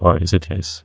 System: TTS, neural waveform model